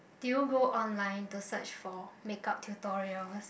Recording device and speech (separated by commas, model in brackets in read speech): boundary microphone, conversation in the same room